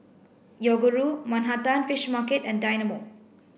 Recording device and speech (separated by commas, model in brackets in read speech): boundary microphone (BM630), read sentence